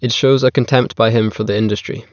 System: none